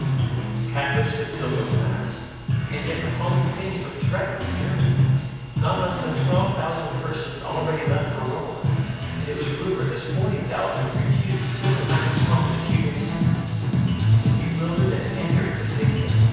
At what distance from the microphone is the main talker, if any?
7.1 m.